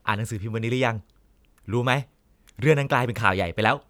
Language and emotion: Thai, neutral